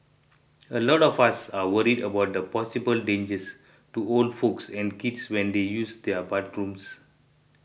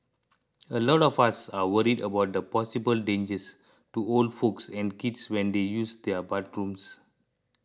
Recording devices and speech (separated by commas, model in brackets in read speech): boundary microphone (BM630), close-talking microphone (WH20), read sentence